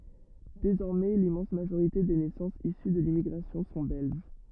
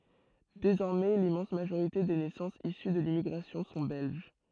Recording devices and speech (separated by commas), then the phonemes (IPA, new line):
rigid in-ear microphone, throat microphone, read sentence
dezɔʁmɛ limmɑ̃s maʒoʁite de nɛsɑ̃sz isy də limmiɡʁasjɔ̃ sɔ̃ bɛlʒ